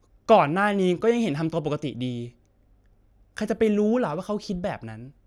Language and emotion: Thai, frustrated